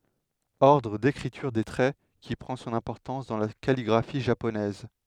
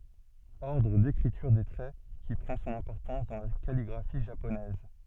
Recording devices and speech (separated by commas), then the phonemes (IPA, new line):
headset microphone, soft in-ear microphone, read sentence
ɔʁdʁ dekʁityʁ de tʁɛ ki pʁɑ̃ sɔ̃n ɛ̃pɔʁtɑ̃s dɑ̃ la kaliɡʁafi ʒaponɛz